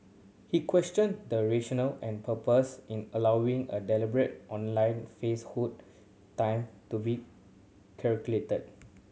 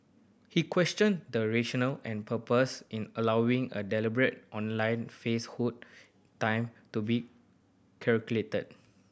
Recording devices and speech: mobile phone (Samsung C7100), boundary microphone (BM630), read sentence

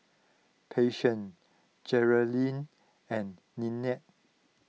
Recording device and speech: mobile phone (iPhone 6), read sentence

